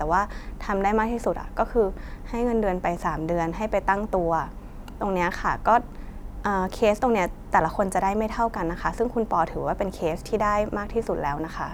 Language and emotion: Thai, neutral